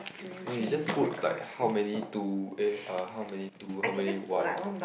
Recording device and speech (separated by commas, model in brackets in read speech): boundary microphone, conversation in the same room